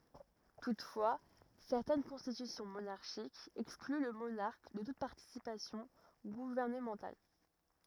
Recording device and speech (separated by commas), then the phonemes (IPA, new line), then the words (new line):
rigid in-ear microphone, read sentence
tutfwa sɛʁtɛn kɔ̃stitysjɔ̃ monaʁʃikz ɛkskly lə monaʁk də tut paʁtisipasjɔ̃ ɡuvɛʁnəmɑ̃tal
Toutefois, certaines constitutions monarchiques excluent le monarque de toute participation gouvernementale.